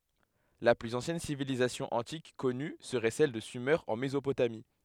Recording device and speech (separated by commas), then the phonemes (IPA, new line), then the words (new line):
headset microphone, read sentence
la plyz ɑ̃sjɛn sivilizasjɔ̃ ɑ̃tik kɔny səʁɛ sɛl də syme ɑ̃ mezopotami
La plus ancienne civilisation antique connue serait celle de Sumer en Mésopotamie.